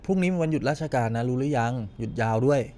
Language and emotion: Thai, neutral